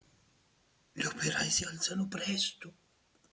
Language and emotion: Italian, fearful